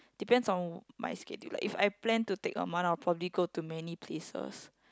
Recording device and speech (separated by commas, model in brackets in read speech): close-talking microphone, conversation in the same room